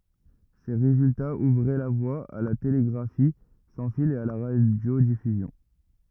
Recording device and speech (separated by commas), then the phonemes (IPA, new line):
rigid in-ear microphone, read sentence
se ʁezyltaz uvʁɛ la vwa a la teleɡʁafi sɑ̃ fil e a la ʁadjodifyzjɔ̃